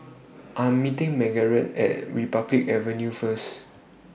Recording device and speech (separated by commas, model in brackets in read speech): boundary microphone (BM630), read sentence